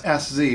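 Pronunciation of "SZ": The letters 'S Z' are spelled out the American way.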